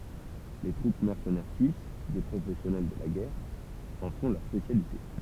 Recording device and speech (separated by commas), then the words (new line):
temple vibration pickup, read sentence
Les troupes mercenaires suisses, des professionnels de la guerre, en font leur spécialité.